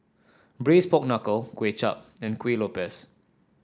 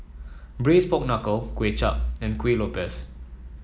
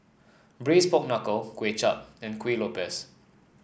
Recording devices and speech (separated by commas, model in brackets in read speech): standing microphone (AKG C214), mobile phone (iPhone 7), boundary microphone (BM630), read sentence